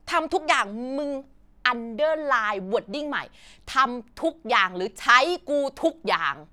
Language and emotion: Thai, angry